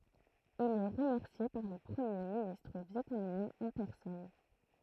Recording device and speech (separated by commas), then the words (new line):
throat microphone, read sentence
Il est remercié par le premier ministre vietnamien en personne.